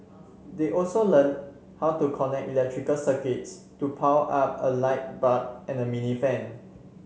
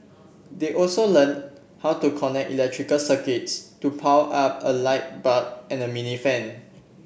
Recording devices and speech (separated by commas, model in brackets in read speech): mobile phone (Samsung C7), boundary microphone (BM630), read sentence